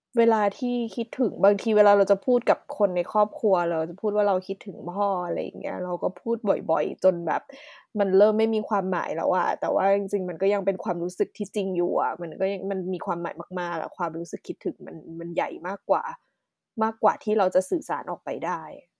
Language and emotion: Thai, sad